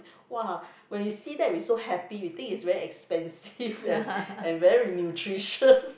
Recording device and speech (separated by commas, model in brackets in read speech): boundary microphone, conversation in the same room